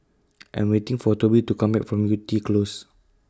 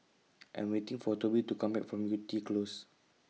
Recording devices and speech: close-talking microphone (WH20), mobile phone (iPhone 6), read sentence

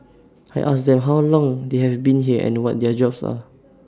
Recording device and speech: standing microphone (AKG C214), read sentence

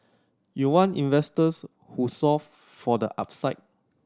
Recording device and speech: standing microphone (AKG C214), read sentence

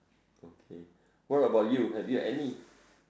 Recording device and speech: standing microphone, conversation in separate rooms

